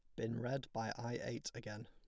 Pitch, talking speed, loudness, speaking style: 120 Hz, 215 wpm, -44 LUFS, plain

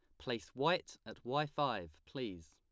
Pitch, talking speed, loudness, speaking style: 120 Hz, 155 wpm, -39 LUFS, plain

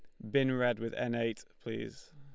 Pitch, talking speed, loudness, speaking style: 125 Hz, 200 wpm, -34 LUFS, Lombard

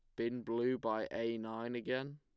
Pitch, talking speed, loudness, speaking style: 115 Hz, 185 wpm, -39 LUFS, plain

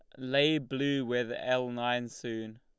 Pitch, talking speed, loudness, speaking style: 125 Hz, 150 wpm, -31 LUFS, Lombard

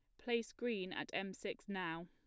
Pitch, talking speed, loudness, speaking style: 195 Hz, 195 wpm, -42 LUFS, plain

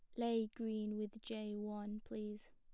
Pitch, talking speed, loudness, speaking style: 215 Hz, 155 wpm, -44 LUFS, plain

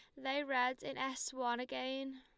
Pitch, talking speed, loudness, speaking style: 265 Hz, 180 wpm, -39 LUFS, Lombard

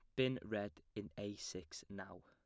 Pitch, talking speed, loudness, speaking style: 105 Hz, 175 wpm, -45 LUFS, plain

